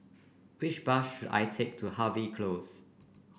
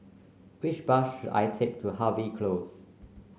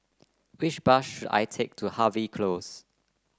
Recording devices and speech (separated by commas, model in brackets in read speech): boundary microphone (BM630), mobile phone (Samsung C9), close-talking microphone (WH30), read sentence